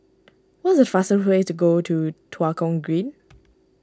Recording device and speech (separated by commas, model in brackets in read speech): standing microphone (AKG C214), read sentence